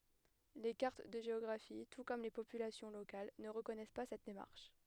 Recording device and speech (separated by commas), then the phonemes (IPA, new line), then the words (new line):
headset microphone, read sentence
le kaʁt də ʒeɔɡʁafi tu kɔm le popylasjɔ̃ lokal nə ʁəkɔnɛs pa sɛt demaʁʃ
Les cartes de géographie, tout comme les populations locales, ne reconnaissent pas cette démarche.